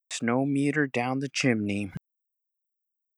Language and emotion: English, sad